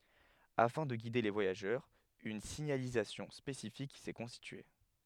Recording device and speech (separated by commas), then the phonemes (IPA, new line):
headset microphone, read sentence
afɛ̃ də ɡide le vwajaʒœʁz yn siɲalizasjɔ̃ spesifik sɛ kɔ̃stitye